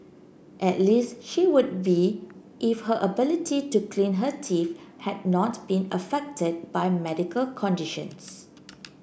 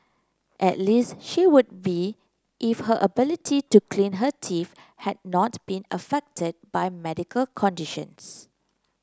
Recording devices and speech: boundary microphone (BM630), close-talking microphone (WH30), read sentence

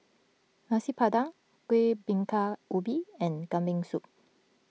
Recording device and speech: mobile phone (iPhone 6), read sentence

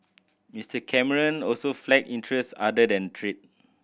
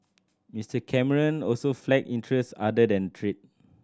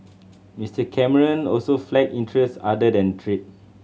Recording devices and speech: boundary microphone (BM630), standing microphone (AKG C214), mobile phone (Samsung C7100), read sentence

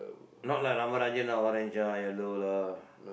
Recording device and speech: boundary microphone, conversation in the same room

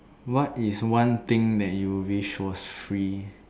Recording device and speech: standing microphone, conversation in separate rooms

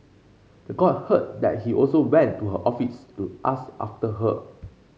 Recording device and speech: mobile phone (Samsung C5), read sentence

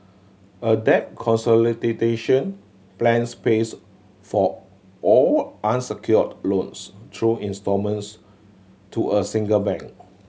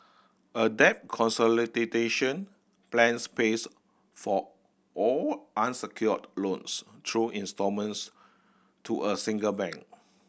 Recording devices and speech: mobile phone (Samsung C7100), boundary microphone (BM630), read sentence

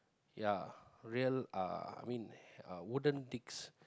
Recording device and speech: close-talking microphone, conversation in the same room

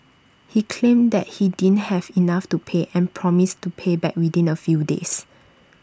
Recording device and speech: standing microphone (AKG C214), read sentence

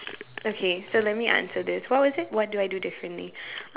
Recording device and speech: telephone, conversation in separate rooms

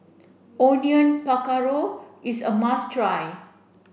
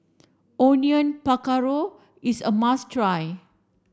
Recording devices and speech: boundary microphone (BM630), standing microphone (AKG C214), read sentence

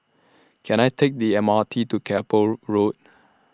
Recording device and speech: standing microphone (AKG C214), read sentence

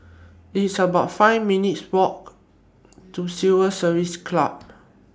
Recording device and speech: standing microphone (AKG C214), read sentence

